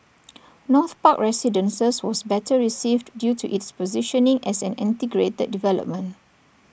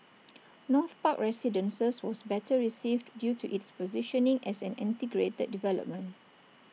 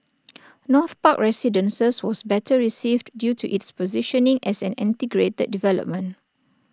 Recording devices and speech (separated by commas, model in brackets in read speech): boundary microphone (BM630), mobile phone (iPhone 6), standing microphone (AKG C214), read sentence